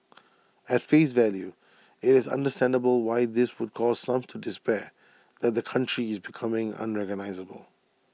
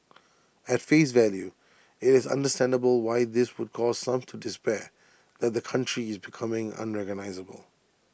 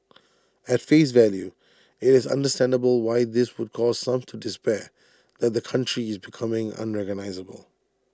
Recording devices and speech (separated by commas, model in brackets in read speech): mobile phone (iPhone 6), boundary microphone (BM630), standing microphone (AKG C214), read sentence